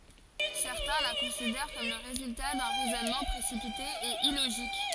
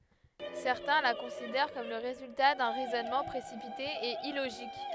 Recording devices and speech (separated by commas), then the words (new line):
forehead accelerometer, headset microphone, read sentence
Certains la considèrent comme le résultat d'un raisonnement précipité et illogique.